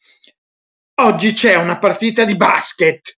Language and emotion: Italian, angry